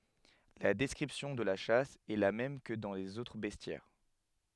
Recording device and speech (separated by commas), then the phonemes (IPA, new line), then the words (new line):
headset microphone, read sentence
la dɛskʁipsjɔ̃ də la ʃas ɛ la mɛm kə dɑ̃ lez otʁ bɛstjɛʁ
La description de la chasse est la même que dans les autres bestiaires.